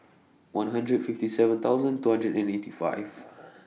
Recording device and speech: mobile phone (iPhone 6), read sentence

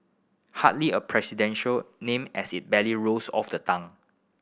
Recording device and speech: boundary microphone (BM630), read sentence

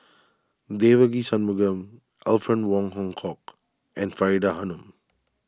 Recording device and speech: standing microphone (AKG C214), read sentence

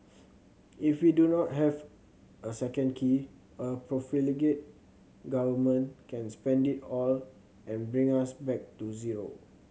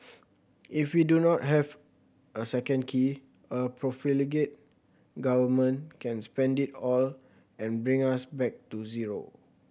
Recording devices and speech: mobile phone (Samsung C7100), boundary microphone (BM630), read sentence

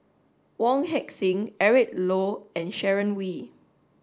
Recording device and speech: standing microphone (AKG C214), read sentence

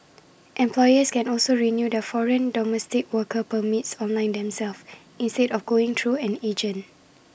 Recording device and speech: boundary microphone (BM630), read sentence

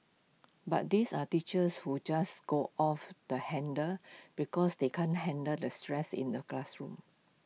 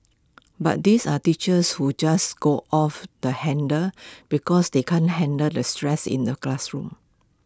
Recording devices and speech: mobile phone (iPhone 6), close-talking microphone (WH20), read sentence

